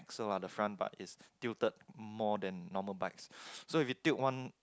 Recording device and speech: close-talking microphone, conversation in the same room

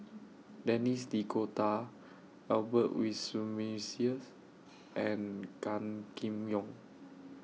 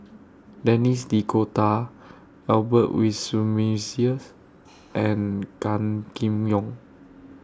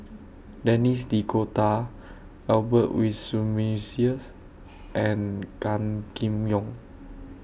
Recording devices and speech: mobile phone (iPhone 6), standing microphone (AKG C214), boundary microphone (BM630), read sentence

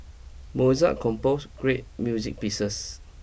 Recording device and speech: boundary microphone (BM630), read sentence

